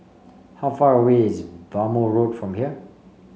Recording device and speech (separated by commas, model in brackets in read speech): mobile phone (Samsung C5), read sentence